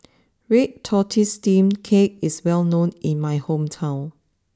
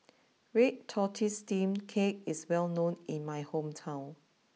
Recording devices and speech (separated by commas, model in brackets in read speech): standing microphone (AKG C214), mobile phone (iPhone 6), read sentence